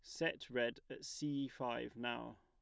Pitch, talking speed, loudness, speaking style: 125 Hz, 165 wpm, -43 LUFS, plain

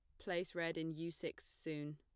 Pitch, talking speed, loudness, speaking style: 165 Hz, 205 wpm, -44 LUFS, plain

